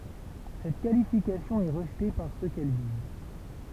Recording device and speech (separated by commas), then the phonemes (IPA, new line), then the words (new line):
temple vibration pickup, read sentence
sɛt kalifikasjɔ̃ ɛ ʁəʒte paʁ sø kɛl viz
Cette qualification est rejetée par ceux qu'elle vise.